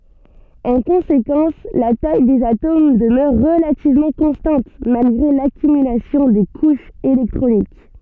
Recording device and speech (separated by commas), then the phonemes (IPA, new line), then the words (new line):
soft in-ear microphone, read sentence
ɑ̃ kɔ̃sekɑ̃s la taj dez atom dəmœʁ ʁəlativmɑ̃ kɔ̃stɑ̃t malɡʁe lakymylasjɔ̃ de kuʃz elɛktʁonik
En conséquence, la taille des atomes demeure relativement constante malgré l'accumulation des couches électroniques.